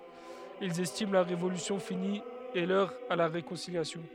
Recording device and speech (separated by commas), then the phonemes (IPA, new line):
headset microphone, read sentence
ilz ɛstim la ʁevolysjɔ̃ fini e lœʁ a la ʁekɔ̃siljasjɔ̃